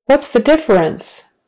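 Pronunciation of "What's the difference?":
'What's the difference?' is said slowly, not at natural speed.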